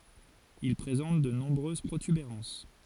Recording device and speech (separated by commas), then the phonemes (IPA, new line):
forehead accelerometer, read sentence
il pʁezɑ̃t də nɔ̃bʁøz pʁotybeʁɑ̃s